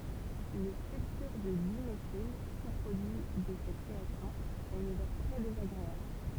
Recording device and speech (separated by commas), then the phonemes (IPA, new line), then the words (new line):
temple vibration pickup, read sentence
lə sylfyʁ də dimetil su pʁodyi də sɛt ʁeaksjɔ̃ a yn odœʁ tʁɛ dezaɡʁeabl
Le sulfure de diméthyle, sous-produit de cette réaction, a une odeur très désagréable.